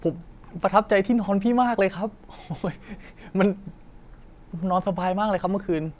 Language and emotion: Thai, happy